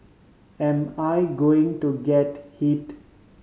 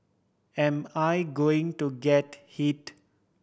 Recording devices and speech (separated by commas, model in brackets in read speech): mobile phone (Samsung C5010), boundary microphone (BM630), read sentence